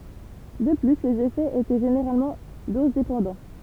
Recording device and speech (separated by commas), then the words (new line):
temple vibration pickup, read sentence
De plus, les effets étaient généralement dose-dépendants.